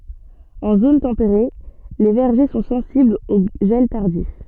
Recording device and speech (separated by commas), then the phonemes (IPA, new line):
soft in-ear microphone, read sentence
ɑ̃ zon tɑ̃peʁe le vɛʁʒe sɔ̃ sɑ̃siblz o ʒɛl taʁdif